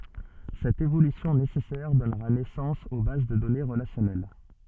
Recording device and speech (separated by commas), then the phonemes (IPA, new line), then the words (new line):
soft in-ear microphone, read sentence
sɛt evolysjɔ̃ nesɛsɛʁ dɔnʁa nɛsɑ̃s o baz də dɔne ʁəlasjɔnɛl
Cette évolution nécessaire donnera naissance aux bases de données relationnelles.